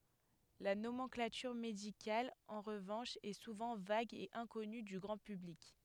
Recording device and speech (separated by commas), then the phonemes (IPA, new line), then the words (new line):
headset microphone, read sentence
la nomɑ̃klatyʁ medikal ɑ̃ ʁəvɑ̃ʃ ɛ suvɑ̃ vaɡ e ɛ̃kɔny dy ɡʁɑ̃ pyblik
La nomenclature médicale, en revanche, est souvent vague et inconnue du grand public.